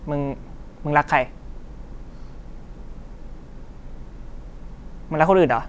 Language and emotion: Thai, frustrated